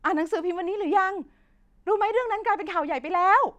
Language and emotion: Thai, angry